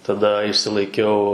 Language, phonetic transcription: Lithuanian, taˈda išsilaiˈkiau

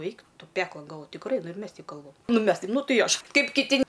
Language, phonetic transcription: Lithuanian, ˈeik ˈtu ˈpeklon galˈvoj tikˈrai nu ir ˈmes ˈteip ˈkalbam ˈnu i ˈmes taip ˈnu ˈtai i ˈaš ˈkaip kiˈti

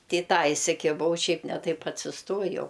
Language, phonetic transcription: Lithuanian, ˈti i ˈtą isikiˈbau ˈšiaip ne ˈtaip atsisˈtojau

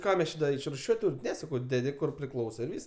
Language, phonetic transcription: Lithuanian, ˈką mes ˈči da išruˈšiuot' ˈtūrim ˈne saˈkau ˈdedi kur priˈklauso i ˈvys

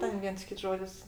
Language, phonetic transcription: Lithuanian, ˈten ˈviens ˈkits ˈžodis

